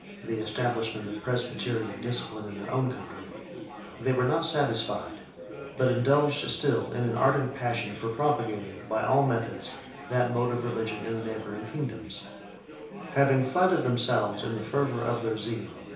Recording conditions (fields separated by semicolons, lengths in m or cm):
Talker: one person; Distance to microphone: 3.0 m; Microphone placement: far; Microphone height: 1.8 m; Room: small (3.7 m by 2.7 m); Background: babble